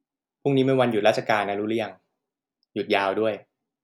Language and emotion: Thai, frustrated